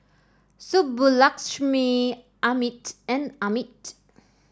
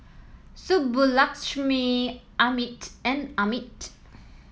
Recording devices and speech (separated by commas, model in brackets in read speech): standing microphone (AKG C214), mobile phone (iPhone 7), read sentence